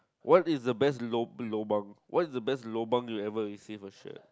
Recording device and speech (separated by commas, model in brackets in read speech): close-talking microphone, conversation in the same room